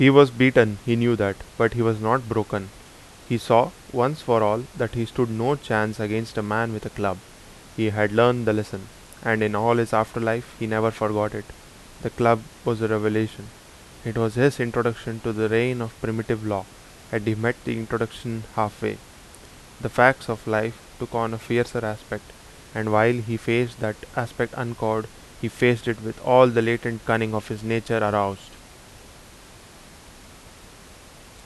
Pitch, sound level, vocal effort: 115 Hz, 84 dB SPL, loud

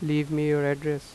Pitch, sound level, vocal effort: 150 Hz, 88 dB SPL, normal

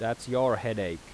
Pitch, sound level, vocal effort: 115 Hz, 88 dB SPL, loud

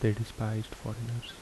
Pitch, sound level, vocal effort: 110 Hz, 71 dB SPL, soft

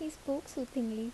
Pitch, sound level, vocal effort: 275 Hz, 74 dB SPL, soft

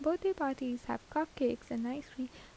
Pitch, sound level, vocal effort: 270 Hz, 79 dB SPL, soft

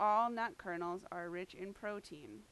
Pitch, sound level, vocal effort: 190 Hz, 89 dB SPL, very loud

